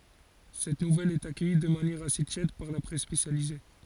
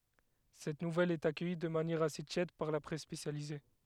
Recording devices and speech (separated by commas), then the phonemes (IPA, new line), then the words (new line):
forehead accelerometer, headset microphone, read sentence
sɛt nuvɛl ɛt akœji də manjɛʁ ase tjɛd paʁ la pʁɛs spesjalize
Cette nouvelle est accueillie de manière assez tiède par la presse spécialisée.